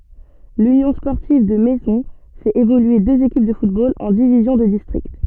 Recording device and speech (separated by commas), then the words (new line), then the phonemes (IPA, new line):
soft in-ear microphone, read sentence
L'Union sportive de Maisons fait évoluer deux équipes de football en divisions de district.
lynjɔ̃ spɔʁtiv də mɛzɔ̃ fɛt evolye døz ekip də futbol ɑ̃ divizjɔ̃ də distʁikt